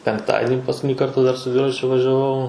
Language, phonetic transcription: Lithuanian, penkˈtadini paskuˈtini ˈkarta dar su ˈdviračiu važiaˈvau

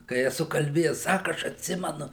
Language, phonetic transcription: Lithuanian, kai eˈsu kalˈbėjes ˈsaku ˈaš atˈsimenu

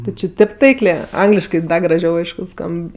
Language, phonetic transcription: Lithuanian, ˈti či ˈtip taiklė ˈangliškɜ ˈda graˈžiau ˈaišku ˈskamb

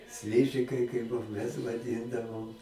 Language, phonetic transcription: Lithuanian, ˈsližikai kaip ˈbuo mes vaˈdindavom

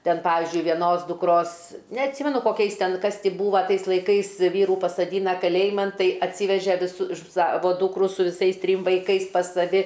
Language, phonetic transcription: Lithuanian, ˈten ˈpavizdžiui vieˈnos dukˈros neatˈsymenu koˈkiais ˈten ˈkas ty ˈbūva ˈtais laiˈkais ˈvyrų pasaˈdyna kaˈlėjiman ˈtai atˈsyveže viˈsu ˈsavo ˈdūkru su viˈsais ˈtrym vaiˈkais pas saˈvi

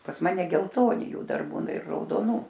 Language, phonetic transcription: Lithuanian, pas ˈmane gelˈtoni ˈjų ˈdar ˈbūna ir raudoˈnų

